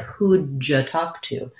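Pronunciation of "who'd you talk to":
In 'who'd you talk to', the d of 'who'd' links to the y of 'you', and the two sound like a j sound.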